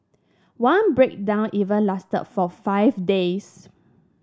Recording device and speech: standing microphone (AKG C214), read sentence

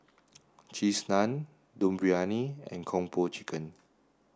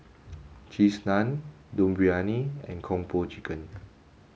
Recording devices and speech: standing microphone (AKG C214), mobile phone (Samsung S8), read sentence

